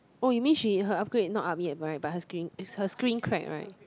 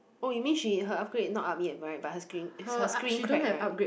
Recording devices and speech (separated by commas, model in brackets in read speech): close-talking microphone, boundary microphone, conversation in the same room